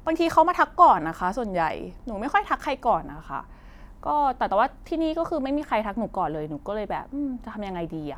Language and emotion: Thai, frustrated